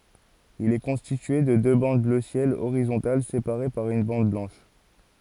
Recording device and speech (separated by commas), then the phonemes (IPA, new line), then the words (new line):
forehead accelerometer, read sentence
il ɛ kɔ̃stitye də dø bɑ̃d blø sjɛl oʁizɔ̃tal sepaʁe paʁ yn bɑ̃d blɑ̃ʃ
Il est constitué de deux bandes bleu ciel horizontales séparées par une bande blanche.